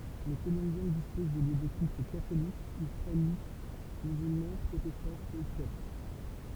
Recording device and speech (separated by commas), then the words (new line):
temple vibration pickup, read sentence
Les Colombiens disposent de lieux de culte catholique, israélite, musulman, protestant et copte.